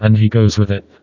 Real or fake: fake